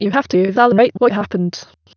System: TTS, waveform concatenation